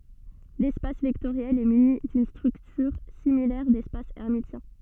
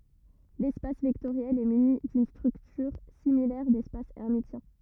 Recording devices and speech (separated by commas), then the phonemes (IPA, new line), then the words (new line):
soft in-ear microphone, rigid in-ear microphone, read sentence
lɛspas vɛktoʁjɛl ɛ myni dyn stʁyktyʁ similɛʁ dɛspas ɛʁmisjɛ̃
L'espace vectoriel est muni d'une structure similaire d'espace hermitien.